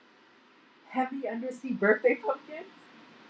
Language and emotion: English, surprised